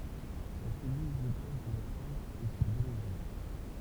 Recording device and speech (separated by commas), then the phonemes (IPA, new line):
temple vibration pickup, read sentence
la sɛlyl də baz də la klav ɛ syʁ dø məzyʁ